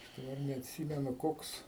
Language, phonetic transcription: Lithuanian, daˈbar neatˈsymenu ˈkoks

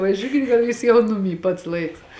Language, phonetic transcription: Lithuanian, vaˈžiūkit gal ˈjūs jau ˈnuˌmy pats ˈlaiks

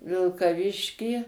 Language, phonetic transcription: Lithuanian, vilkaˈviškį

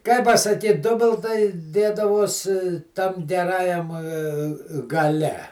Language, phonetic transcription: Lithuanian, kai pasaˈkyt ˈdubiltai ˈdėdavos tam geˈrajam gaˈle

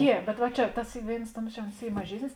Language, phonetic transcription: Lithuanian, ˈjie bet va ˈčia ˈtas ˈy ˈvėins ˈtuoms čia ons ˈy maˈžiesnis

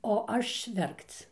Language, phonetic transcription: Lithuanian, o ˈaš ˈverkc

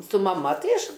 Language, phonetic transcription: Lithuanian, su maˈma ˈtai ˈaš

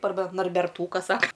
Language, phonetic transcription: Lithuanian, arˈba narberˈtūkas ˈsaka

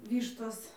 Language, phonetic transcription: Lithuanian, ˈvyštos

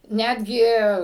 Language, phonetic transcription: Lithuanian, ˈnetgi

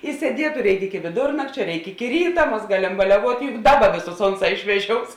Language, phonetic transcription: Lithuanian, i sieˈdietu ˈreikˈiki ki viˈdurnakčio ˈreik ˈiki ˈryta ˈmas ˈgalem baliaˈvuot' juk ˈdaˌba ˈvėˌsus ˈonˌsā išveˈžious

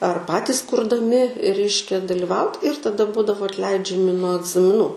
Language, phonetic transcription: Lithuanian, ar ˈpatis kurdaˈmi ˈreiškia daliˈvaut ir taˈda ˈbūdavo atˈleidžiami nuo agzamiˈnų

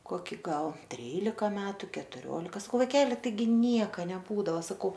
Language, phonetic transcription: Lithuanian, ˈkoki ˈgal ˈtrylika ˈmetu ketuˈriolika saˈkau vaiˈkeli taiˈgi ˈnieka neˈbūdava saˈkau

